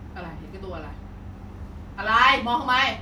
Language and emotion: Thai, angry